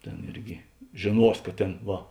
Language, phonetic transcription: Lithuanian, ˈtėn ˈirgi žėˈnuos ka ˈtėn ˈva

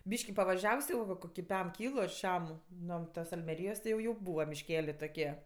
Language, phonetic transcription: Lithuanian, ˈbyški pavaˈžiavs jau va ˈkoki ˈpem ˈkylu ar ˈšiam ˈno ˈtas almeˈryjos ti jau ˈjau ˈbūva mišˈkelė toˈkie

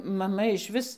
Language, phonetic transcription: Lithuanian, maˈma išˈvis

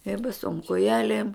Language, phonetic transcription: Lithuanian, i baˈsom koˈjelėm

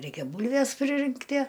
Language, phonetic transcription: Lithuanian, ˈreikia ˈbūlves priˈrinktie

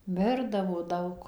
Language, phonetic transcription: Lithuanian, ˈmirdavo ˈdaug

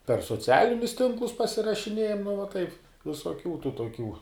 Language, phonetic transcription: Lithuanian, per soˈcialinius ˈtinklus pasirašiˈnėjam nu va taip visoˈkių tų toˈkių

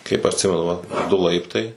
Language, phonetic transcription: Lithuanian, kaip atˈsimenu vat ˈdu ˈlaiptai

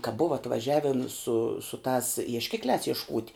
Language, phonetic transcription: Lithuanian, ka ˈbuva atvaˈžiavin su su tās iešˈkikliās iešˈkūt'

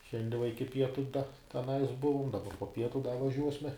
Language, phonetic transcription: Lithuanian, ˈšiandie va ˈiki ˈpietu da teˈnais ˈbuvum daˈba po ˈpietu da vaˈžiuosme

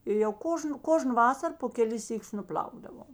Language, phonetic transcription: Lithuanian, i jau ˈkožnu ˈkožnu ˈvasar po keˈlis ˈsyˌkius nuˈpl'aukdavom

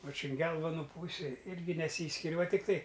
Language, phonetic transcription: Lithuanian, va čia an ˈgelvonu ˈpūsi ˈirgi neˈsyskir' va tikˈtai

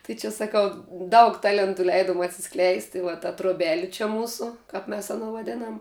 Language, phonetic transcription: Lithuanian, tai čia saˈkau ˈdaug ˈtalentu ˈleidom atsiˈskleist i va ta troˈbeli čia ˈmūsu ˈkap mes aˈno vaˈdėnam

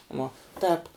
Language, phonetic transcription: Lithuanian, ˈvuo ˈtēp

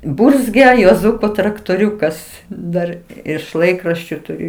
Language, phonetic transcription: Lithuanian, ˈburzgia juoˈzuko traktoˈriukas ˈdar iš ˈlaikraščiu tuˈriu

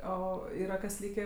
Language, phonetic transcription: Lithuanian, ˈo ˈyra kas ˈlykė

